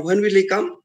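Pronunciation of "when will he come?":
'When will he come?' is asked in a very casual, very weak way.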